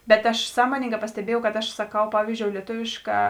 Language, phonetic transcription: Lithuanian, ˈbet aš ˈsąmoningā pasteˈbiejau kad aš saˈkau ˈpavyzdžiou lieˈtuvišˌkā

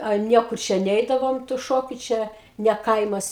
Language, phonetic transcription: Lithuanian, a ˈniekur ˈčia ˈneidavom tu ˈšokiu ˈčia ne ˈkaimas

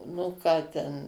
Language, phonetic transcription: Lithuanian, nu ˈką ten

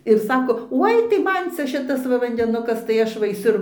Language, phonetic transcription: Lithuanian, ir ˈsako ˈoi tai ˈman ˈcia ˈšitas ˈva vandeˈnukas tai ˈaš va aiˈsiu

